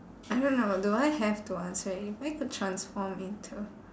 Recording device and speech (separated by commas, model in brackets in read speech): standing microphone, conversation in separate rooms